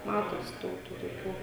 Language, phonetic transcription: Lithuanian, ˈmatosi ˈdaug tų toˈkių

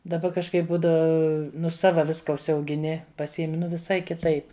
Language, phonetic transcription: Lithuanian, daˈba kažˈkaip ˈbūda ˈnu ˈsava ˈviska užsiaugiˈni paˈsiemi viˈsai kiˈtaip

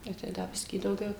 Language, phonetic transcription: Lithuanian, ˈnu tai ˈda ˈbiskį dauˈgiau

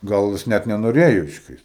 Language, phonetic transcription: Lithuanian, ˈgal ˈjis ˈnæt nenoˈrėjo iškˈrist

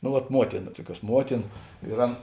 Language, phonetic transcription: Lithuanian, no vat ˈmuotina ˈtuoˌkiuos ˈmuotina ir ˈan

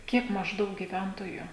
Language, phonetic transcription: Lithuanian, ˈkiek mažˈdaug giˈventoju

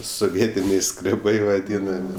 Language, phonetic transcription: Lithuanian, soˈvietiniai skreˈbai vaˈdynami

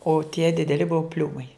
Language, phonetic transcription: Lithuanian, o tie dideˈli ˈbuvo ˈpliūmai

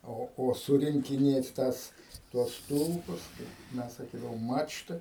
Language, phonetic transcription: Lithuanian, ˈo o ˌsurinkiˈnėt ˈtąs tuos ˈstulpus tai ˈmes saˈkydavom ˈmačtɨi

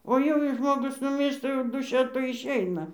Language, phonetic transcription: Lithuanian, o ˈjau jei ˈžmogus nuˈmyršta jau dūˈšia ˈtoj išˈeina

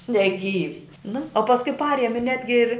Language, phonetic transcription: Lithuanian, neˈgyvi nu o pasˈkui ˈpariemi ˈnetgi ir'

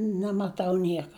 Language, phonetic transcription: Lithuanian, nemaˈtau ˈnieka

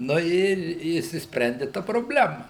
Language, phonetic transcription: Lithuanian, nu ˈir i išsispˈrendi ˈta probˈlema

